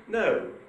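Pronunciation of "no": The pitch on 'no' is made up of high and low: it starts high and ends low.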